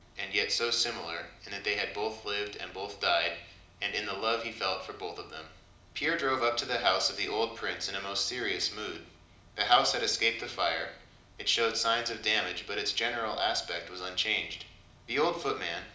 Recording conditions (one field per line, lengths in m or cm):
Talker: one person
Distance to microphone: 2.0 m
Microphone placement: close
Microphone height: 99 cm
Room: medium-sized (5.7 m by 4.0 m)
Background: none